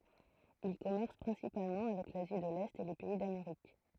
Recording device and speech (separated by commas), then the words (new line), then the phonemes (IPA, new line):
throat microphone, read sentence
Ils commercent principalement avec l’Asie de l'Est et les pays d’Amérique.
il kɔmɛʁs pʁɛ̃sipalmɑ̃ avɛk lazi də lɛt e le pɛi dameʁik